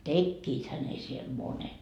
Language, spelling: Finnish, tekiväthän ne siellä monet
- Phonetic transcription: 'tekkiithä ne siel 'monet .

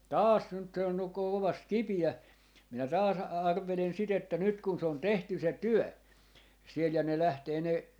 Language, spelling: Finnish, taas nyt se on ukko kovasti kipeä minä taas - arvelen sitä että nyt kun se on tehty se työ siellä ja ne lähtee ne
- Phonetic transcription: "taas 'nyt se on ukko kovast 'kipi₍ä , minä 'taas a - 'arvelen 'sit ‿että 'nyt kun se on 'tehty 'se "työ , 'siel ja ne 'lähtee ne ,.

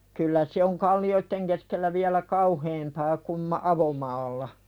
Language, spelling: Finnish, kyllä se on kallioiden keskellä vielä kauheampaa kuin - avomaalla
- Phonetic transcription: kyllä se oŋ 'kalli₍oitteŋ keskellä viälä "kauheempaa kum ma- , 'avomaalla .

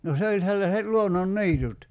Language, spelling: Finnish, no se oli sellaiset luonnonniityt
- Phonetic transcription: no 'se oĺ sellaset 'luonon"ni̬itut .

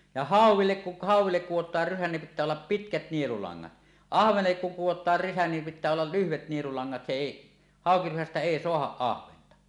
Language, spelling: Finnish, ja hauellekin kun hauelle kudotaan rysä niin pitää olla pitkät nielulangat ahvenellekin kun kudotaan rysä niin pitää olla lyhyet nielulangat se ei haukirysästä ei saada ahventa
- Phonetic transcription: ja "hàuw̆willek ku 'hàuw̆willek 'kuwot̀aar rysä nim 'pit̆tää ollap "pitkät 'nielulaŋ-ŋat "ahvenellek 'kuŋ 'kuwot̀aar 'rysä nim pit̆tää ollal "lyhvet 'nielulaŋŋat se 'èi , 'hàokirysästä "èi 'soahaˀ "ˀahventa .

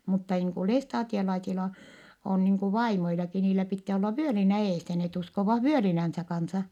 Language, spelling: Finnish, mutta niin kuin lestadiolaisilla on niin kuin vaimoillakin niillä pitää olla vyölinä edessä ne uskovat vyölinänsä kanssa
- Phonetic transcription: mutta niiŋ ku lestaatiolaisila , on niiŋ ku vaimoilaki , niilä pittää olla vyölinä eesä net uskovah vyölinänsä kansa .

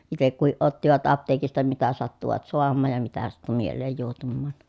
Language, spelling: Finnish, itse kukin ottivat apteekista mitä sattuivat saamaan ja mitä sattui mieleen juohtumaan
- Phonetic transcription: itek kuhiʼ ʼottivat apteekista mitä sattuvat soammaaj ja mitä sattu miel̆leej juohtummaan .

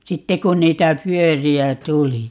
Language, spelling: Finnish, sitten kun niitä pyöriä tuli
- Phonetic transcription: "sitte kun 'niitä "pyöri₍ä "tuli .

